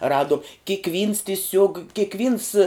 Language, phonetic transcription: Lithuanian, ˈradom kikˈvyns tiˈsiuog kikˈvyns

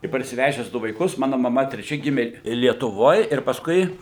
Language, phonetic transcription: Lithuanian, i parsiˈvežes ˈdu vaiˈkus ˈmanu maˈma treˈčia ˈgimė lietuˈvoj ir paˈskui

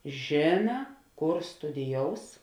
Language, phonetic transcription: Lithuanian, ˈžėna ˈkor studiˈjous

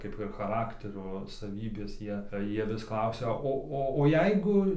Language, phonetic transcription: Lithuanian, ˈkaip ir chaˈrakterio saˈvybės ˈjie ˈjie ˈvis ˈklausia ˈo ˈo o ˈjeigu

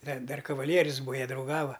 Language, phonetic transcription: Lithuanian, da ˈdar kaˈvalierius ˈbūa ˈjie drauˈgava

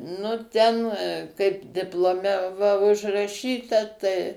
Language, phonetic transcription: Lithuanian, nu ˈten kaip diploˈme va užraˈšyta tai

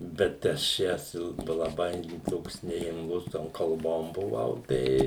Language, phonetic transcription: Lithuanian, bet ˈaš ˈjąs il laˈbai ˈtoks neimˈ lus ˈtom kalˈbom buˈvau ˈtai

